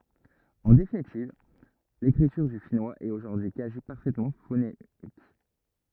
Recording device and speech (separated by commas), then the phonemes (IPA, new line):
rigid in-ear microphone, read sentence
ɑ̃ definitiv lekʁityʁ dy finwaz ɛt oʒuʁdyi y kazi paʁfɛtmɑ̃ fonemik